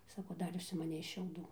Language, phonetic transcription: Lithuanian, ˈsako ˈdar užsimaˈnei šiauˈdų

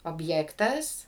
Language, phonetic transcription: Lithuanian, obˈjektas

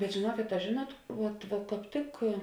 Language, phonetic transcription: Lithuanian, bet žėˈnuokėt a ˈžėˌnuot ˈvuot va kāp ˈtik

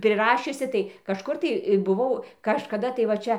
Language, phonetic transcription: Lithuanian, priˈrašiusi tai kažˈkur tai buˈvau kažkaˈda tai va ˈčia

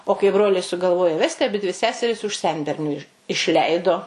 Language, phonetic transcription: Lithuanian, o kai ˈbroliai sugalˈvojo ˈvesti aˈbidvi ˈseseris už ˈsenberniu iš išˈleido

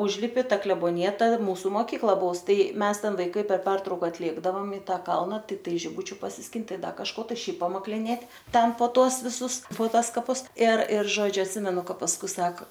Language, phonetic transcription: Lithuanian, ˈužlipi ˈta kleboniˈja ˈta ˈmūsu moˈkykla ˈbuvus ˈtai ˈmes ˈten vaiˈkai per ˈpertrauka atˈėkdavom i ˈtą ˈkalna tikˈtai žiˈbučiu pasisˈkint ˈtai ˈda kažˈko tai ˈšiaip pamakliˈnėt' ˈten po ˈtuos viˈsus po ˈtuos kaˈpus ir ir ˈžodžiu atˈsimenu ˈka pasˈkui ˈsak

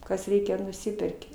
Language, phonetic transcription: Lithuanian, kas ˈreikia nuˈsiperki

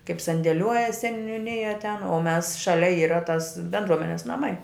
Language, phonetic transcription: Lithuanian, kaip sandėˈliuoja seniuˈnija ten o mes ˈšalia ˈyra tas bendˈruomenes naˈmai

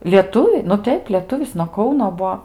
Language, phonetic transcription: Lithuanian, lieˈtuvi nu ˈteip lieˈtuvis nuo ˈkauno ˈbuo

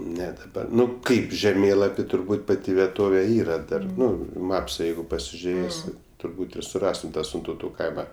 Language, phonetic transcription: Lithuanian, ˈne daˈba ˈnu ˈkaip žeˈmėlapi turˈbūt ˈpati vieˈtove ˈyra ˈdar ˈnu i ˈmapsa ˈjeigu pasižiuˈrėsi turˈbūt ir suˈrastum ˈtą sintauˈtų ˈkaima

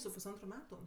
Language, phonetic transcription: Lithuanian, su pusˈantru ˈmetu

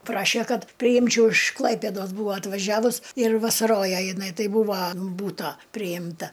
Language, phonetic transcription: Lithuanian, ˈpraše ˈkad priˈjimčiau iš ˈklaipėdos ˈbūva atvaˈžiavus ir vasaˈroja jiˈnai ˈtai ˈbūva an ˈbūto prijimˈta

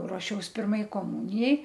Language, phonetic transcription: Lithuanian, ruoˈšiaus ˈpirmai koˈmunijai

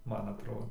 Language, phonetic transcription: Lithuanian, ˈman atˈrodo

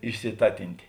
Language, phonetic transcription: Lithuanian, išsiˈtatintė

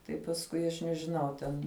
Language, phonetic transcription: Lithuanian, tai pasˈkui aš nežiˈnau ˈten

